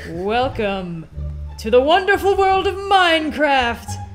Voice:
in a dramatic voice